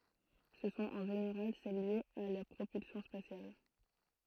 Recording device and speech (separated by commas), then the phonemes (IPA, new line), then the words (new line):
throat microphone, read sentence
sə sɔ̃t ɑ̃ ʒeneʁal sɛl ljez a la pʁopylsjɔ̃ spasjal
Ce sont en général celles liées à la propulsion spatiale.